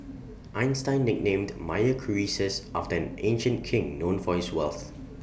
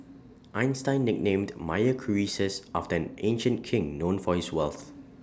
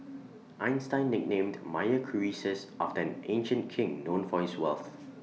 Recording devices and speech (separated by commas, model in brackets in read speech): boundary microphone (BM630), standing microphone (AKG C214), mobile phone (iPhone 6), read sentence